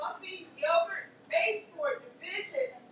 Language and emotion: English, neutral